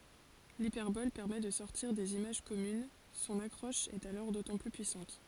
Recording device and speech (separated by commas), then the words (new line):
forehead accelerometer, read sentence
L'hyperbole permet de sortir des images communes, son accroche est alors d'autant plus puissante.